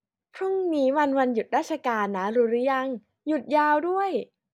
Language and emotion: Thai, happy